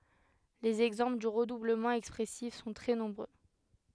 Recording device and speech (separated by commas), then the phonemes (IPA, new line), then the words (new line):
headset microphone, read sentence
lez ɛɡzɑ̃pl dy ʁədubləmɑ̃ ɛkspʁɛsif sɔ̃ tʁɛ nɔ̃bʁø
Les exemples du redoublement expressif sont très nombreux.